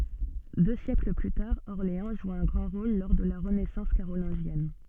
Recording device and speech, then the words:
soft in-ear microphone, read sentence
Deux siècles plus tard, Orléans joue un grand rôle lors de la renaissance carolingienne.

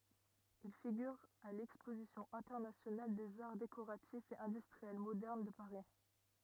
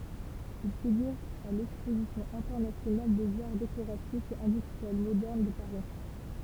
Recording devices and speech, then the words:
rigid in-ear microphone, temple vibration pickup, read sentence
Il figure à l'exposition internationale des arts décoratifs et industriels modernes de Paris.

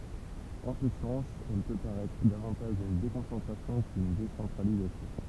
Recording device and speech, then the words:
temple vibration pickup, read sentence
En ce sens, elle peut paraître davantage une déconcentration qu'une décentralisation.

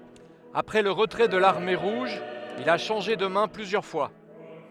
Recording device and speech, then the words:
headset microphone, read sentence
Après le retrait de l'Armée rouge, il a changé de mains plusieurs fois.

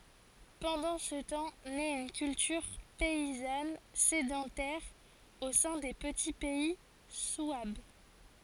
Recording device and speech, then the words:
forehead accelerometer, read sentence
Pendant ce temps naît une culture paysanne sédentaire au sein des petits pays souabes.

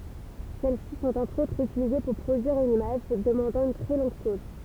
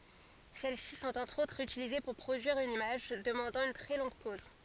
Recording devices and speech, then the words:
temple vibration pickup, forehead accelerometer, read sentence
Celles-ci sont entre autres utilisées pour produire une image demandant une très longue pose.

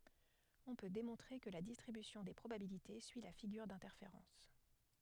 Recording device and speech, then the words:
headset microphone, read sentence
On peut démontrer que la distribution des probabilités suit la figure d'interférence.

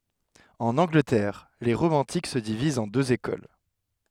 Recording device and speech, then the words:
headset microphone, read sentence
En Angleterre, les romantiques se divisent en deux écoles.

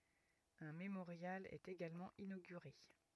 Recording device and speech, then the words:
rigid in-ear microphone, read sentence
Un mémorial est également inauguré.

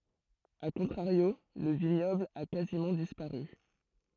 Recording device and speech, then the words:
throat microphone, read sentence
À contrario, le vignoble a quasiment disparu.

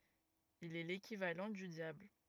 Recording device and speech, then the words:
rigid in-ear microphone, read sentence
Il est l'équivalent du diable.

